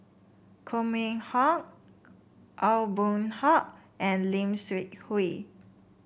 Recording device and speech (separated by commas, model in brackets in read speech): boundary microphone (BM630), read sentence